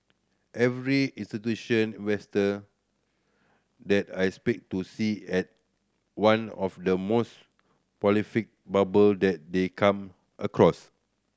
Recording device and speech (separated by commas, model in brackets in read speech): standing microphone (AKG C214), read sentence